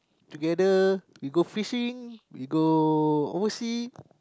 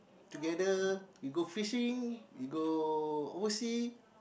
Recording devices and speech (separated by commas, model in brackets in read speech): close-talking microphone, boundary microphone, conversation in the same room